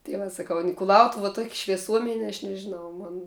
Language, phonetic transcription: Lithuanian, tai ˈva saˈkau n kuˈlautuv tuok' švieˈsuomen' aš nežiˈnau ˈmon

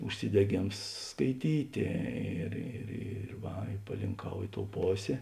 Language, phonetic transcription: Lithuanian, užsideˈgėms skaiˈtytė ir ir ir ˈva i palinˈkau ˈi ˌtou ˈposė

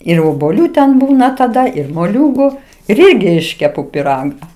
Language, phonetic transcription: Lithuanian, ir obuoˈlių ten ˈbūna taˈda ir moˈliūgu ir ˈirgi ˈiškepu piˈraga

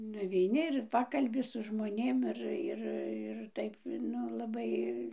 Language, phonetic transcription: Lithuanian, nuveiˈni ir ˈpakalbi su žmoˈnėm ˈir ˈir ir ˈtaip ˈnu laˈbai

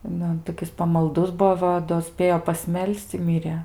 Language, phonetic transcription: Lithuanian, ˈnu toˈkis pamalˈdus ˈbuo ˈva do ˈspėjo pasˈmel's'c' i ˈmirė

